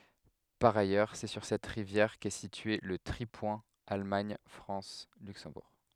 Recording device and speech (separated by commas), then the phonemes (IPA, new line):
headset microphone, read sentence
paʁ ajœʁ sɛ syʁ sɛt ʁivjɛʁ kɛ sitye lə tʁipwɛ̃ almaɲ fʁɑ̃s lyksɑ̃buʁ